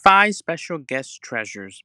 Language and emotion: English, happy